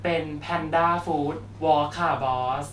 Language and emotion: Thai, neutral